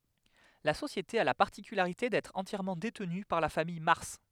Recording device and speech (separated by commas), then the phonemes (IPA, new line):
headset microphone, read sentence
la sosjete a la paʁtikylaʁite dɛtʁ ɑ̃tjɛʁmɑ̃ detny paʁ la famij maʁs